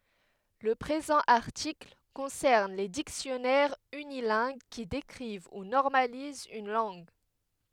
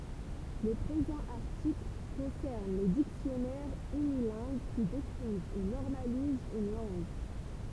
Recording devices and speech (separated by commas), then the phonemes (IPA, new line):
headset microphone, temple vibration pickup, read sentence
lə pʁezɑ̃ aʁtikl kɔ̃sɛʁn le diksjɔnɛʁz ynilɛ̃ɡ ki dekʁiv u nɔʁmalizt yn lɑ̃ɡ